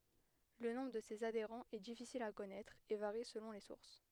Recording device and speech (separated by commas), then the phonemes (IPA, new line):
headset microphone, read sentence
lə nɔ̃bʁ də sez adeʁɑ̃z ɛ difisil a kɔnɛtʁ e vaʁi səlɔ̃ le suʁs